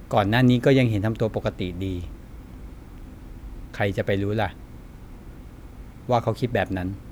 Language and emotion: Thai, frustrated